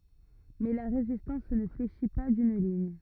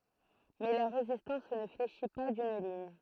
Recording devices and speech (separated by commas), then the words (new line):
rigid in-ear microphone, throat microphone, read sentence
Mais la résistance ne fléchit pas d'une ligne.